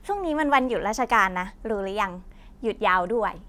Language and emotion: Thai, happy